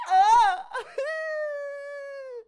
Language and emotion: Thai, happy